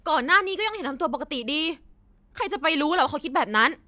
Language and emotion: Thai, angry